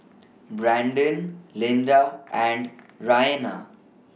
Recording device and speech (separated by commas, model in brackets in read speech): mobile phone (iPhone 6), read sentence